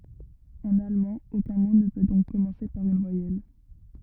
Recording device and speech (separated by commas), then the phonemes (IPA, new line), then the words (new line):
rigid in-ear microphone, read sentence
ɑ̃n almɑ̃ okœ̃ mo nə pø dɔ̃k kɔmɑ̃se paʁ yn vwajɛl
En allemand, aucun mot ne peut donc commencer par une voyelle.